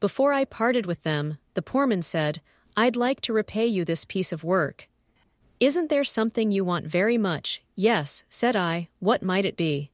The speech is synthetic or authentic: synthetic